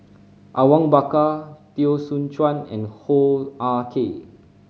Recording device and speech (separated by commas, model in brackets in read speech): mobile phone (Samsung C5010), read sentence